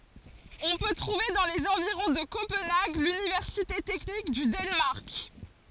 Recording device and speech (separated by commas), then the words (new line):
forehead accelerometer, read sentence
On peut trouver dans les environs de Copenhague l'Université technique du Danemark.